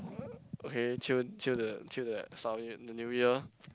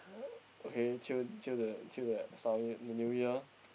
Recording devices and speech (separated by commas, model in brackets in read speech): close-talking microphone, boundary microphone, conversation in the same room